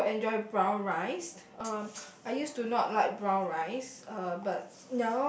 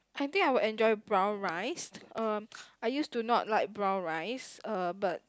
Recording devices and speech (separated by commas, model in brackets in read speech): boundary microphone, close-talking microphone, conversation in the same room